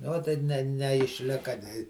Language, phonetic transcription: Lithuanian, nu ˈot tai ˈne neišˈlika nei

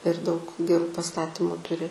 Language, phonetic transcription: Lithuanian, ir daug geˈrų paˈstatymu ˈturi

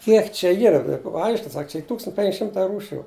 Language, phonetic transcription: Lithuanian, ˈkiek čia ˈyra ˈaiškin ˈsak čia ˈy ˈtūkstant' penk' ˈšimtai ˈrūšiu

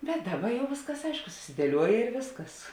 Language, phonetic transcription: Lithuanian, bet ˈdaˌba ˈjau ˈvėsˌkas ˈaišku susidieˈliuoja ir ˈvėsˌkas

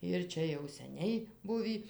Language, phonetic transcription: Lithuanian, ir ˈčia jau seˈniai ˈbuvį

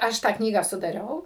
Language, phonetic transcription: Lithuanian, ˈaš tą ˈknygą sudaˈriau

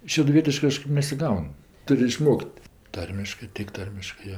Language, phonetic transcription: Lithuanian, šeduˈvietiškɜ ˈkažkɜp nesiˈgaun ˈtur' iˈšmok't' ˈtarmiškɜ tik ˈtarmiškɜ ˈjo

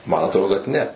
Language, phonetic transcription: Lithuanian, man atˈrodo kad ˈne

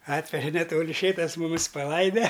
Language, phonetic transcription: Lithuanian, ˈatveže neˈtoli ˈšėtas muˈmis paˈlaide

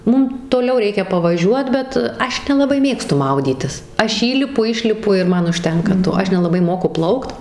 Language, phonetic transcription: Lithuanian, ˈmum toˈliau ˈreikia pavaˈžiuot ˈbet ˈaš nelaˈbai ˈmėgstu ˈmaudytis ˈaš ˈįlipu ˈišlipu ir ˈman užˈtenka ˈto ˈaš nelaˈbai ˈmoku ˈplaukt

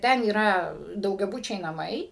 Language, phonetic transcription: Lithuanian, ˈten yˈra daugiaˈbučiai naˈmai

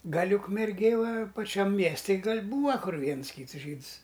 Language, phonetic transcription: Lithuanian, ˈgal' ukmerˈgėj va paˈčiam ˈmiesti ˈgal' ˈbūva ˈkur ˈviens ˈkyts ˈžyds

